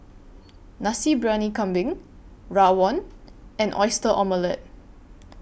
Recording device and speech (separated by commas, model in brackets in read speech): boundary microphone (BM630), read sentence